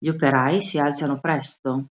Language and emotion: Italian, neutral